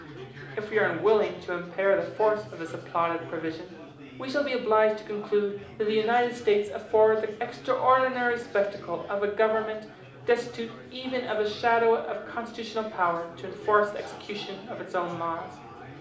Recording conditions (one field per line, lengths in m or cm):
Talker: one person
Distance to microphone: 2.0 m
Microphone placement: close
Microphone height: 99 cm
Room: medium-sized (5.7 m by 4.0 m)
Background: babble